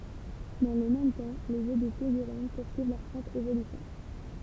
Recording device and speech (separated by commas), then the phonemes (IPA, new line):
temple vibration pickup, read sentence
dɑ̃ lə mɛm tɑ̃ le ʒø də fiɡyʁin puʁsyiv lœʁ pʁɔpʁ evolysjɔ̃